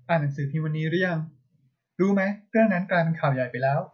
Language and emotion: Thai, neutral